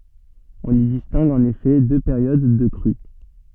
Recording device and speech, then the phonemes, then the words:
soft in-ear microphone, read sentence
ɔ̃n i distɛ̃ɡ ɑ̃n efɛ dø peʁjod də kʁy
On y distingue en effet deux périodes de crue.

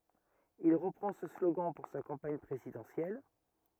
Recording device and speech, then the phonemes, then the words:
rigid in-ear microphone, read sentence
il ʁəpʁɑ̃ sə sloɡɑ̃ puʁ sa kɑ̃paɲ pʁezidɑ̃sjɛl
Il reprend ce slogan pour sa campagne présidentielle.

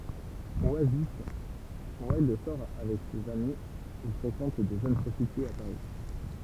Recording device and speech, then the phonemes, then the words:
temple vibration pickup, read sentence
wazif wildœʁ sɔʁ avɛk sez ami u fʁekɑ̃t də ʒøn pʁɔstityez a paʁi
Oisif, Wilde sort avec ses amis ou fréquente de jeunes prostitués à Paris.

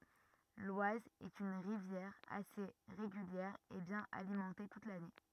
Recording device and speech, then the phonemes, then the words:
rigid in-ear microphone, read sentence
lwaz ɛt yn ʁivjɛʁ ase ʁeɡyljɛʁ e bjɛ̃n alimɑ̃te tut lane
L'Oise est une rivière assez régulière et bien alimentée toute l'année.

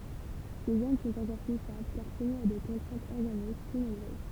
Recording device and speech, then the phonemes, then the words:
temple vibration pickup, read sentence
se ʒɛn sɔ̃t ɑ̃kɔʁ ply stabl kaʁ sumi a de kɔ̃tʁɛ̃tz ɔʁɡanik ply nɔ̃bʁøz
Ces gènes sont encore plus stables car soumis à des contraintes organiques plus nombreuses.

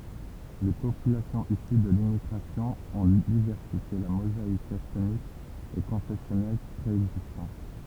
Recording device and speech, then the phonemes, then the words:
temple vibration pickup, read sentence
le popylasjɔ̃z isy də limmiɡʁasjɔ̃ ɔ̃ divɛʁsifje la mozaik ɛtnik e kɔ̃fɛsjɔnɛl pʁeɛɡzistɑ̃t
Les populations issues de l'immigration ont diversifié la mosaïque ethnique et confessionnelle préexistante.

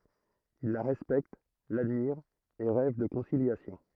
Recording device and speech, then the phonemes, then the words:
throat microphone, read sentence
il la ʁɛspɛkt ladmiʁt e ʁɛv də kɔ̃siljasjɔ̃
Ils la respectent, l'admirent et rêvent de conciliation.

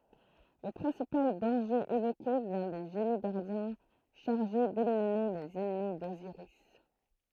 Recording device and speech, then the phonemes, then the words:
throat microphone, read sentence
lə pʁɛ̃sipal dɑ̃ʒe evoke vjɛ̃ de ʒeni ɡaʁdjɛ̃ ʃaʁʒe delimine lez ɛnmi doziʁis
Le principal danger évoqué vient des génies-gardiens chargés d'éliminer les ennemis d'Osiris.

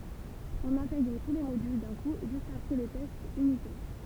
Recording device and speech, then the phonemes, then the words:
temple vibration pickup, read sentence
ɔ̃n ɛ̃tɛɡʁ tu le modyl dœ̃ ku ʒyst apʁɛ le tɛstz ynitɛʁ
On intègre tous les modules d'un coup juste après les tests unitaires.

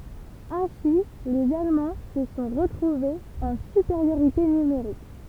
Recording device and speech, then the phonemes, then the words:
temple vibration pickup, read sentence
ɛ̃si lez almɑ̃ sə sɔ̃ ʁətʁuvez ɑ̃ sypeʁjoʁite nymeʁik
Ainsi les Allemands se sont retrouvés en supériorité numérique.

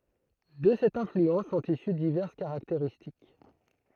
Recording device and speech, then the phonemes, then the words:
throat microphone, read sentence
də sɛt ɛ̃flyɑ̃s sɔ̃t isy divɛʁs kaʁakteʁistik
De cette influence sont issues diverses caractéristiques.

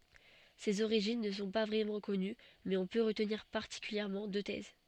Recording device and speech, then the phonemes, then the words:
soft in-ear microphone, read sentence
sez oʁiʒin nə sɔ̃ pa vʁɛmɑ̃ kɔny mɛz ɔ̃ pø ʁətniʁ paʁtikyljɛʁmɑ̃ dø tɛz
Ses origines ne sont pas vraiment connues mais on peut retenir particulièrement deux thèses.

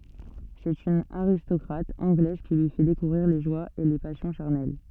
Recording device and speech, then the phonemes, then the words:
soft in-ear microphone, read sentence
sɛt yn aʁistɔkʁat ɑ̃ɡlɛz ki lyi fɛ dekuvʁiʁ le ʒwaz e le pasjɔ̃ ʃaʁnɛl
C'est une aristocrate anglaise qui lui fait découvrir les joies et les passions charnelles.

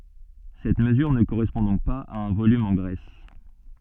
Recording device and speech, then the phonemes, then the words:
soft in-ear microphone, read sentence
sɛt məzyʁ nə koʁɛspɔ̃ dɔ̃k paz a œ̃ volym ɑ̃ ɡʁɛs
Cette mesure ne correspond donc pas à un volume en graisse.

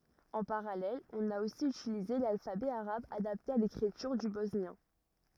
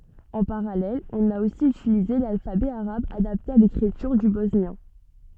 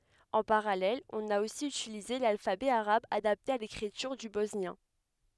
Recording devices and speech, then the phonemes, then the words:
rigid in-ear microphone, soft in-ear microphone, headset microphone, read sentence
ɑ̃ paʁalɛl ɔ̃n a osi ytilize lalfabɛ aʁab adapte a lekʁityʁ dy bɔsnjɛ̃
En parallèle, on a aussi utilisé l’alphabet arabe adapté à l’écriture du bosnien.

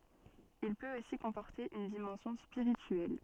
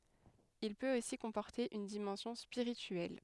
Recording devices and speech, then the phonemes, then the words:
soft in-ear microphone, headset microphone, read sentence
il pøt osi kɔ̃pɔʁte yn dimɑ̃sjɔ̃ spiʁityɛl
Il peut aussi comporter une dimension spirituelle.

